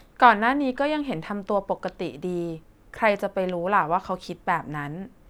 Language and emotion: Thai, neutral